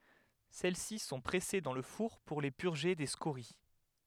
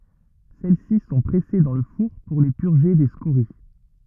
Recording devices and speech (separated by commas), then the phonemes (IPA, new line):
headset microphone, rigid in-ear microphone, read sentence
sɛlɛsi sɔ̃ pʁɛse dɑ̃ lə fuʁ puʁ le pyʁʒe de skoʁi